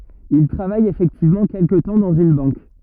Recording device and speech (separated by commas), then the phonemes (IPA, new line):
rigid in-ear microphone, read sentence
il tʁavaj efɛktivmɑ̃ kɛlkə tɑ̃ dɑ̃z yn bɑ̃k